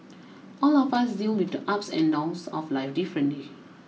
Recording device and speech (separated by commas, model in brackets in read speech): mobile phone (iPhone 6), read sentence